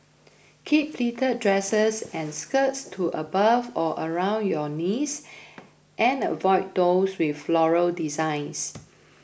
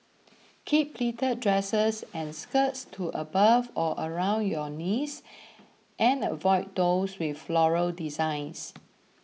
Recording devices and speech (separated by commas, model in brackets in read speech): boundary microphone (BM630), mobile phone (iPhone 6), read sentence